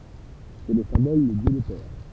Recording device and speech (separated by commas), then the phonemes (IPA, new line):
temple vibration pickup, read sentence
sɛ lə sɛ̃bɔl də djø lə pɛʁ